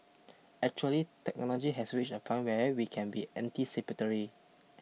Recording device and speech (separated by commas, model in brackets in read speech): mobile phone (iPhone 6), read sentence